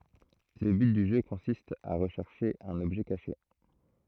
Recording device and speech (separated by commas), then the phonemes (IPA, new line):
throat microphone, read sentence
lə byt dy ʒø kɔ̃sist a ʁəʃɛʁʃe œ̃n ɔbʒɛ kaʃe